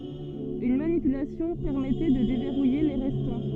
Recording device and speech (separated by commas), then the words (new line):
soft in-ear microphone, read sentence
Une manipulation permettait de déverrouiller les restants.